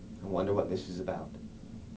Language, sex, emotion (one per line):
English
male
neutral